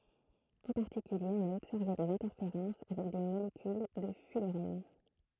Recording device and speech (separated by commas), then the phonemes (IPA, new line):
throat microphone, read sentence
ɑ̃ paʁtikylje ɔ̃n a ɔbsɛʁve dez ɛ̃tɛʁfeʁɑ̃s avɛk de molekyl də fylʁɛn